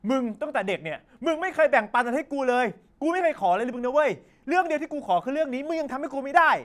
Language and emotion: Thai, angry